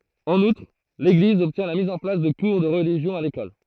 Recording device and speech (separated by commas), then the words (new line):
throat microphone, read sentence
En outre, l’Église obtient la mise en place de cours de religion à l’école.